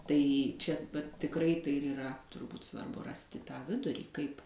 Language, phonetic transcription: Lithuanian, ˈtai ˈčia vat tikˈrai ˈtai ir yˈra turˈbūt svarˈbu ˈrasti tą ˈvidurį ˈkaip

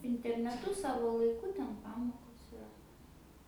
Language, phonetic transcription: Lithuanian, interneˈtu ˈsavo laiˈku ˈten ˈpamokos iˈra

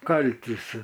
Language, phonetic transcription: Lithuanian, ˈkaltisi

